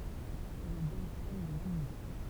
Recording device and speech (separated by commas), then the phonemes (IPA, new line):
temple vibration pickup, read sentence
ɛl ɑ̃ demisjɔn lə lɑ̃dmɛ̃